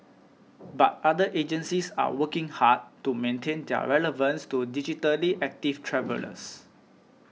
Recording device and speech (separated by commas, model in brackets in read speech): mobile phone (iPhone 6), read sentence